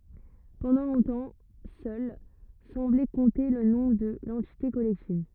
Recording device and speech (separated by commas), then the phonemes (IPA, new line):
rigid in-ear microphone, read sentence
pɑ̃dɑ̃ lɔ̃tɑ̃ sœl sɑ̃blɛ kɔ̃te lə nɔ̃ də lɑ̃tite kɔlɛktiv